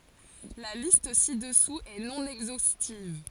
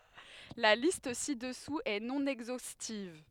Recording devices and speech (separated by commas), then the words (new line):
forehead accelerometer, headset microphone, read sentence
La liste ci-dessous est non exhaustive.